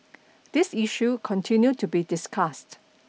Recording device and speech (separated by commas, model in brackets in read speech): mobile phone (iPhone 6), read sentence